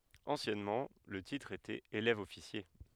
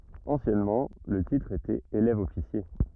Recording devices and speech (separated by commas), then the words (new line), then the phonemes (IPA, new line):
headset microphone, rigid in-ear microphone, read sentence
Anciennement, le titre était élève-officier.
ɑ̃sjɛnmɑ̃ lə titʁ etɛt elɛvəɔfisje